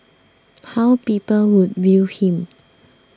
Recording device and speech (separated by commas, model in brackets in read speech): standing microphone (AKG C214), read sentence